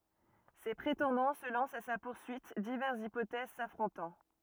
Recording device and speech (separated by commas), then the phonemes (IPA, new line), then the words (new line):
rigid in-ear microphone, read sentence
se pʁetɑ̃dɑ̃ sə lɑ̃st a sa puʁsyit divɛʁsz ipotɛz safʁɔ̃tɑ̃
Ses prétendants se lancent à sa poursuite, diverses hypothèses s'affrontant.